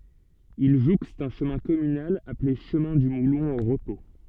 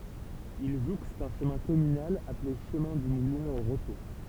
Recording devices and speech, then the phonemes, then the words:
soft in-ear microphone, temple vibration pickup, read sentence
il ʒukst œ̃ ʃəmɛ̃ kɔmynal aple ʃəmɛ̃ dy mulɔ̃ o ʁəpo
Il jouxte un chemin communal appelé chemin du Moulon au repos.

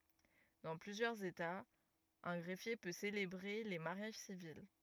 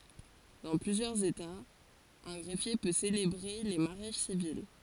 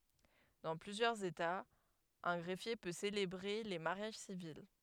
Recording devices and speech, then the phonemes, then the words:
rigid in-ear microphone, forehead accelerometer, headset microphone, read sentence
dɑ̃ plyzjœʁz etaz œ̃ ɡʁɛfje pø selebʁe le maʁjaʒ sivil
Dans plusieurs États, un greffier peut célébrer les mariages civils.

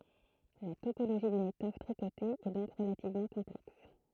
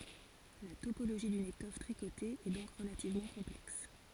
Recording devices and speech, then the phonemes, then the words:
throat microphone, forehead accelerometer, read sentence
la topoloʒi dyn etɔf tʁikote ɛ dɔ̃k ʁəlativmɑ̃ kɔ̃plɛks
La topologie d'une étoffe tricotée est donc relativement complexe.

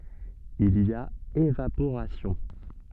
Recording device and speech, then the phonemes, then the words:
soft in-ear microphone, read sentence
il i a evapoʁasjɔ̃
Il y a évaporation.

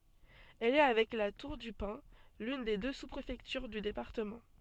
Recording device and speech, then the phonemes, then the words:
soft in-ear microphone, read sentence
ɛl ɛ avɛk la tuʁ dy pɛ̃ lyn de dø su pʁefɛktyʁ dy depaʁtəmɑ̃
Elle est avec La Tour-du-Pin, l'une des deux sous-préfectures du département.

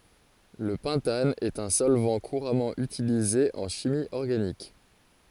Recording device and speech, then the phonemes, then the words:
forehead accelerometer, read sentence
lə pɑ̃tan ɛt œ̃ sɔlvɑ̃ kuʁamɑ̃ ytilize ɑ̃ ʃimi ɔʁɡanik
Le pentane est un solvant couramment utilisé en chimie organique.

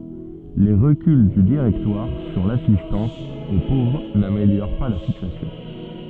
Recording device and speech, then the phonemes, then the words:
soft in-ear microphone, read sentence
le ʁəkyl dy diʁɛktwaʁ syʁ lasistɑ̃s o povʁ nameljoʁ pa la sityasjɔ̃
Les reculs du Directoire sur l'assistance aux pauvres n'améliorent pas la situation.

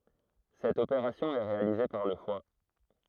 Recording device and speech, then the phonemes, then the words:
throat microphone, read sentence
sɛt opeʁasjɔ̃ ɛ ʁealize paʁ lə fwa
Cette opération est réalisée par le foie.

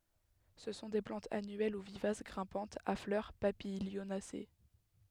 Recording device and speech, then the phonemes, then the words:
headset microphone, read sentence
sə sɔ̃ de plɑ̃tz anyɛl u vivas ɡʁɛ̃pɑ̃tz a flœʁ papiljonase
Ce sont des plantes annuelles ou vivaces grimpantes à fleurs papilionacées.

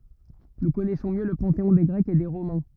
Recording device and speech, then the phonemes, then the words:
rigid in-ear microphone, read sentence
nu kɔnɛsɔ̃ mjø lə pɑ̃teɔ̃ de ɡʁɛkz e de ʁomɛ̃
Nous connaissons mieux le panthéon des Grecs et des Romains.

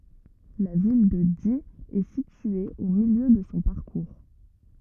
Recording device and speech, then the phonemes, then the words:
rigid in-ear microphone, read sentence
la vil də di ɛ sitye o miljø də sɔ̃ paʁkuʁ
La ville de Die est située au milieu de son parcours.

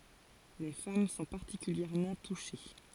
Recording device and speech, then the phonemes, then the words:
forehead accelerometer, read sentence
le fam sɔ̃ paʁtikyljɛʁmɑ̃ tuʃe
Les femmes sont particulièrement touchées.

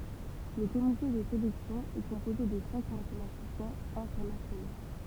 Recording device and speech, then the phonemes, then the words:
temple vibration pickup, read sentence
lə komite də selɛksjɔ̃ ɛ kɔ̃poze də sɛ̃k matematisjɛ̃z ɛ̃tɛʁnasjono
Le comité de sélection est composé de cinq mathématiciens internationaux.

